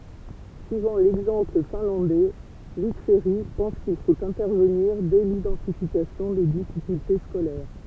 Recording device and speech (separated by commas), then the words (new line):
temple vibration pickup, read sentence
Suivant l'exemple finlandais, Luc Ferry pense qu’il faut intervenir dès l'identification des difficultés scolaires.